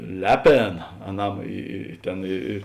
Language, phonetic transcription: Lithuanian, ˈleˌpėna aˈnam ˈy y ˈtėn i i

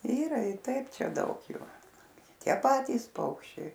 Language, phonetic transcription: Lithuanian, ˈyra ir ˈtaip ˈčia ˈdaug ˈju ˈtie ˈpatys ˈpaukščiai

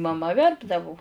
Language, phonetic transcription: Lithuanian, maˈma ˈverpdavu

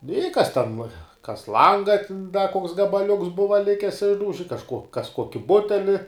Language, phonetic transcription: Lithuanian, nu i kas ten kas ˈlanga tin da koks gabaˈliuks ˈbuva ˈlikis ˈišdauži kažˈkuo kas ˈkuoki ˈbuteli

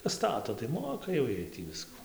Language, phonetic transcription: Lithuanian, ˈstato tai ˈmoka jau ˈjiej tį ˈvisku

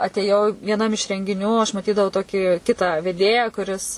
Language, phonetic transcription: Lithuanian, atėˈjau vieˈnam iš rengiˈnių aš maˈtydavau ˈtoki ˈkitą veˈdėją kuˈris

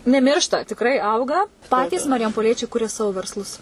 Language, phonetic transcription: Lithuanian, neˈmiršta tikˈrai ˈauga ˈpatys marijampoˈliečiai ˈkuria ˈsavo versˈlus

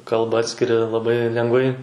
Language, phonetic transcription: Lithuanian, ˈkalbą ˈatskiri laˈbai lenˈgvai

